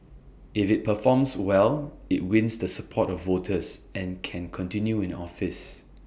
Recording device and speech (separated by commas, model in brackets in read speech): boundary microphone (BM630), read sentence